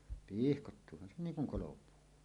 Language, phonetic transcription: Finnish, 'pihkottuuhan se "niiŋ kuŋ 'kolopuu .
- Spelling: pihkoittuuhan se niin kuin kolopuu

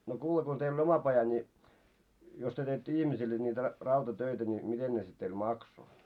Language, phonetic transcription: Finnish, no 'kuule ko teil oi 'oma paja ńi , jos työ teittö 'ihmisille niitä , ra- 'rautatöitä ni 'miten ne sit teil "makso ?
- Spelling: no kuule kun teillä oli oma paja niin jos te teitte ihmisille niitä - rautatöitä niin miten ne sitten teillä maksoi

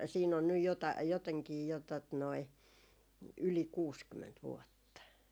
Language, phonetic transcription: Finnish, siin ‿on nyj jotai- , joteŋkii jo tot noi , 'yli "kuuskymment 'vuotta .
- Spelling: siinä on nyt - jotenkin jo tuota noin yli kuusikymmentä vuotta

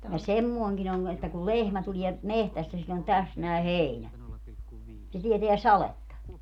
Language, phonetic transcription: Finnish, ja "semmooŋkin ‿oŋ , että kul "lehmä 'tulie , "mehtästä siĺĺ ‿on "täs nä̀i̮ "hèinä , se 'tieteä "saletta .
- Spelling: ja semmoinenkin on että kun lehmä tulee metsästä sillä on tässä näin heinä se tietää sadetta

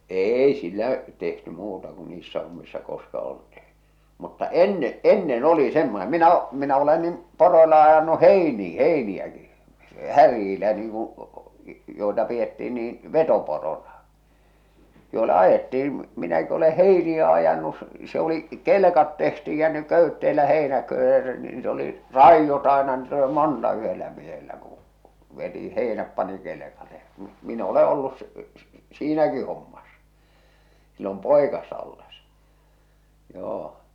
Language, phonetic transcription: Finnish, 'eei sil̆lä’ , tehty 'muuta ku niissä hommissa koska oltii , mutta "enne , "ennen 'oli 'semmone 'minä o- minä ole nim , 'poroila ajanu "heinii 'heini₍äki , "härjiilä niiŋ kuṵ , joi̬ta pi₍ettii niin̬ , "vetoporona , joi̬la 'ajettiin̬ , minäki ole "heiniä ajanus s- , se oli , "kelᵉkat tehtiij ja ne "kö̀ytteelä 'hèinä(köövvet) niit oli , "ràijjot ‿àena niit oli "monta yhellä miehellä kuṵ , veti "hèi̬näp pani kelekale ᴊᴀ m- min ‿o̭le ollus s- s- , "siinäki hommas , sillom "pòikassa olles , 'joo .
- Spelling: ei sillä tehty muuta kuin niissä hommissa koska oltiin mutta ennen ennen oli semmoinen minä - minä olen niin poroilla ajanut heiniä heiniäkin härillä niin kuin joita pidettiin niin vetoporona joilla ajettiin minäkin olen heiniä ajanut - se oli kelkat tehtiin ja ne köytteellä heinäköydet niitä oli raidot aina niitä oli monta yhdellä miehellä kun veti heinät pani kelkalle ja - minä olen ollut - - siinäkin hommassa silloin poikasena ollessa joo

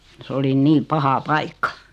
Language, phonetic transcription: Finnish, 's ‿oli "nii "paha "paikka .
- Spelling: se oli niin paha paikka

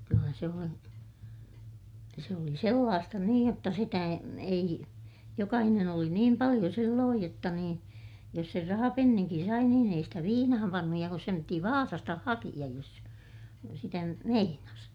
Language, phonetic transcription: Finnish, kyllä se on , ja se oli sellaasta niij jotta sitä e- , ei , jokahinen ‿oli niim paliʲo sillooj jotta niin , jos ser rahapenniŋkin sai niin ei stä viinaham pannuj - ja kus sem piti Vaasasta hakiʲaj jos sitä , sitä nyt meinas .
- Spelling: kyllä se on ja se oli sellaista niin jotta sitä - ei jokainen oli niin paljon silloin jotta niin jos sen rahapenninkin sai niin ei sitä viinaan pannut ja kun sen piti Vaasasta hakea jos sitä sitä nyt meinasi

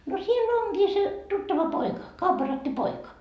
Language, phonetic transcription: Finnish, no sie'l ‿onGii se , 'tuttava "poika , kaupparatti "poika .
- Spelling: no siellä onkin se tuttava poika kaupparatti poika

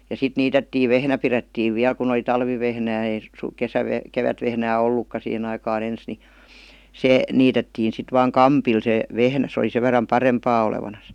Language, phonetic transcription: Finnish, ja sit 'niitettii "vehnä pirettiiv 'viäl kun ‿oli 'talvivehnää ei s- , 'kesäveh- , 'kevätvehnää "ollukka sihen ‿aikaa'n ‿ens ni , "se , 'niitettiin̬ sit vaaŋ "kampil se , 'vehnä , sᵉ oˡi 'se ver̆ram "parempaa olevanas .
- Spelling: ja sitten niitettiin vehnä pidettiin vielä kun oli talvivehnää ei - - kevätvehnää ollutkaan siihen aikaan ensin niin se niitettiin sitten vain kampilla se vehnä se oli sen verran parempaa olevinaan

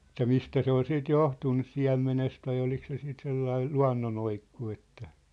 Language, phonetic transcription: Finnish, että 'mistä 'se ‿ol 'siit 'johtun nys "siä̭mmenest vai olik se siit 'sellai , "lua̭nnonoikku että ,.
- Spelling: että mistä se oli sitten johtunut nyt siemenestä vai oliko se sitten sellainen luonnonoikku että

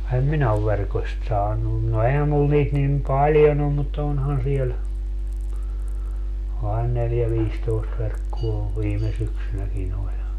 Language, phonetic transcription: Finnish, em 'minä ov 'verkośt 'saanun - no 'ehä 'mul niit nim 'paljon ‿om mut 'onhan 'siel , ain 'neljä - 'viistoist 'verkkuo , 'viime syksynäkin ‿oĺ .
- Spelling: en minä ole verkosta saanut no eihän minulla niitä niin paljon ole mutta onhan siellä aina neljä viisitoista verkkoa viime syksynäkin oli

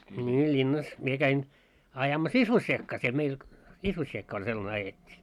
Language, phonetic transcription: Finnish, 'ńii ĺinnas , 'mie käin , ajamas "isvossiekkaa siel meil , 'isvossiekka oĺ sellane 'ajet́t́ii .
- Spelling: niin linnassa minä kävin ajamassa isvossiekkaa siellä meillä isvossiekkaa oli sellainen ajettiin

